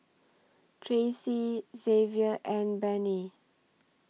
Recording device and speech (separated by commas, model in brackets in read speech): mobile phone (iPhone 6), read sentence